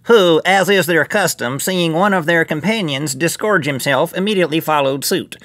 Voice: nasal voice